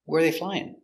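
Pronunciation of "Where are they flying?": In 'Where are they flying?', the intonation goes down at the end.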